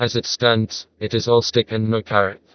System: TTS, vocoder